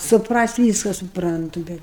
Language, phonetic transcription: Lithuanian, supˈrast' ˈvyska suˈprantu ˈbet

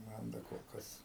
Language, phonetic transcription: Lithuanian, ˈman da kol ˈkas

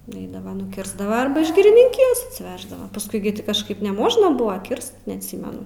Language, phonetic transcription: Lithuanian, nuˈeidava nuˈkirsdava arba iš girininˈkijos atsiˈveždava pasˈkui gi ti kažˈkaip neˈmožna ˈbuva ˈkirst neatˈsymenu

